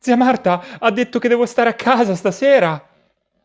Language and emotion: Italian, fearful